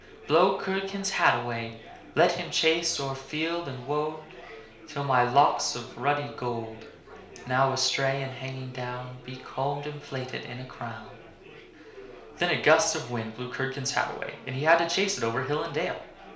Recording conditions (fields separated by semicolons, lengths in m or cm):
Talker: one person; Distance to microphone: 1.0 m; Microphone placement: close; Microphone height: 1.1 m; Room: small (3.7 m by 2.7 m); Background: babble